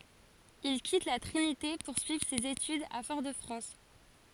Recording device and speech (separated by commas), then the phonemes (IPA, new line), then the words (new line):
forehead accelerometer, read sentence
il kit la tʁinite puʁ syivʁ sez etydz a fɔʁ də fʁɑ̃s
Il quitte La Trinité pour suivre ses études à Fort-de-France.